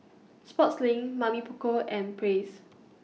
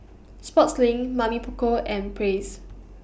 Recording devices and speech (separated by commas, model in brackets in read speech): mobile phone (iPhone 6), boundary microphone (BM630), read sentence